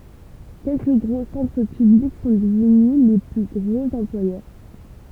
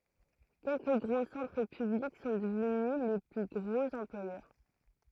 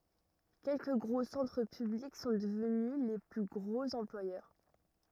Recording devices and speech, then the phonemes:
temple vibration pickup, throat microphone, rigid in-ear microphone, read sentence
kɛlkə ɡʁo sɑ̃tʁ pyblik sɔ̃ dəvny le ply ɡʁoz ɑ̃plwajœʁ

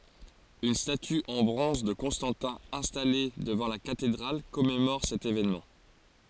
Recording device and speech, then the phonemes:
forehead accelerometer, read sentence
yn staty ɑ̃ bʁɔ̃z də kɔ̃stɑ̃tɛ̃ ɛ̃stale dəvɑ̃ la katedʁal kɔmemɔʁ sɛt evenmɑ̃

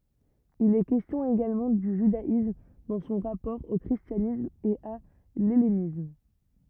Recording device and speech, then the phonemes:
rigid in-ear microphone, read sentence
il ɛ kɛstjɔ̃ eɡalmɑ̃ dy ʒydaism dɑ̃ sɔ̃ ʁapɔʁ o kʁistjanism e a lɛlenism

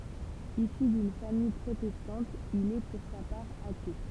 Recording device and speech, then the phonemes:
temple vibration pickup, read sentence
isy dyn famij pʁotɛstɑ̃t il ɛ puʁ sa paʁ ate

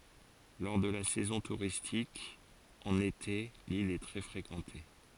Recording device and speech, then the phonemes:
forehead accelerometer, read sentence
lɔʁ də la sɛzɔ̃ tuʁistik ɑ̃n ete lil ɛ tʁɛ fʁekɑ̃te

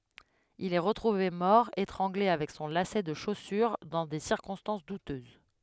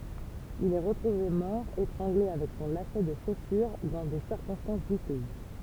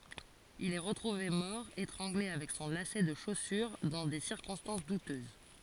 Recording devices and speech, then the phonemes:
headset microphone, temple vibration pickup, forehead accelerometer, read sentence
il ɛ ʁətʁuve mɔʁ etʁɑ̃ɡle avɛk sɔ̃ lasɛ də ʃosyʁ dɑ̃ de siʁkɔ̃stɑ̃s dutøz

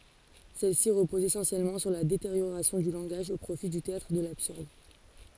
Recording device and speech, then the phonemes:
forehead accelerometer, read sentence
sɛlɛsi ʁəpozt esɑ̃sjɛlmɑ̃ syʁ la deteʁjoʁasjɔ̃ dy lɑ̃ɡaʒ o pʁofi dy teatʁ də labsyʁd

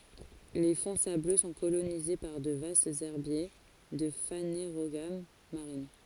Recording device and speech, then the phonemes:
forehead accelerometer, read sentence
le fɔ̃ sablø sɔ̃ kolonize paʁ də vastz ɛʁbje də faneʁoɡam maʁin

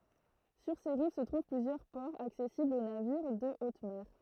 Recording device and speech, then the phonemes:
throat microphone, read sentence
syʁ se ʁiv sə tʁuv plyzjœʁ pɔʁz aksɛsiblz o naviʁ də ot mɛʁ

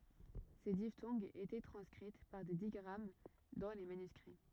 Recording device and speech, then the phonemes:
rigid in-ear microphone, read sentence
se diftɔ̃ɡz etɛ tʁɑ̃skʁit paʁ de diɡʁam dɑ̃ le manyskʁi

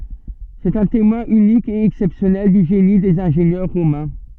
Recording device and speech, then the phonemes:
soft in-ear microphone, read sentence
sɛt œ̃ temwɛ̃ ynik e ɛksɛpsjɔnɛl dy ʒeni dez ɛ̃ʒenjœʁ ʁomɛ̃

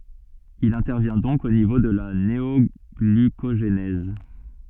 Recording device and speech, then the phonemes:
soft in-ear microphone, read sentence
il ɛ̃tɛʁvjɛ̃ dɔ̃k o nivo də la neɔɡlykoʒnɛz

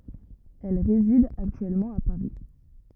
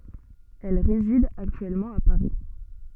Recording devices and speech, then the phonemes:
rigid in-ear microphone, soft in-ear microphone, read sentence
ɛl ʁezid aktyɛlmɑ̃ a paʁi

